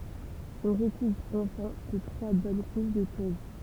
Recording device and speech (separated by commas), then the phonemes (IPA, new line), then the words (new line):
temple vibration pickup, read sentence
ɔ̃ ʁəkuvʁ ɑ̃fɛ̃ də tʁwa bɔn kuʃ də tuʁb
On recouvre enfin de trois bonnes couches de tourbe.